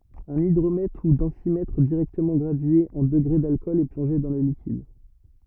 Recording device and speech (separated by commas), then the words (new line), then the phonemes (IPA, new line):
rigid in-ear microphone, read sentence
Un hydromètre ou densimètre directement gradué en degrés d’alcool est plongé dans le liquide.
œ̃n idʁomɛtʁ u dɑ̃simɛtʁ diʁɛktəmɑ̃ ɡʁadye ɑ̃ dəɡʁe dalkɔl ɛ plɔ̃ʒe dɑ̃ lə likid